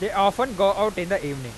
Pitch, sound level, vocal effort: 195 Hz, 99 dB SPL, loud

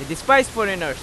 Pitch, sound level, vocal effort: 195 Hz, 97 dB SPL, very loud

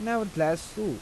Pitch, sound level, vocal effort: 205 Hz, 86 dB SPL, normal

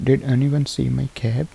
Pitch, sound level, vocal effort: 130 Hz, 75 dB SPL, soft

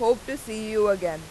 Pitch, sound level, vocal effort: 220 Hz, 93 dB SPL, very loud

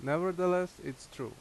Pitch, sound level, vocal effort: 180 Hz, 87 dB SPL, very loud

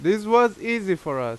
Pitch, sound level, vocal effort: 190 Hz, 92 dB SPL, very loud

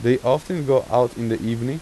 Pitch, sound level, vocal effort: 125 Hz, 89 dB SPL, normal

